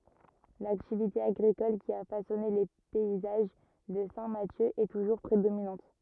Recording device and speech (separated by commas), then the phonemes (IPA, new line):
rigid in-ear microphone, read sentence
laktivite aɡʁikɔl ki a fasɔne le pɛizaʒ də sɛ̃ masjø ɛ tuʒuʁ pʁedominɑ̃t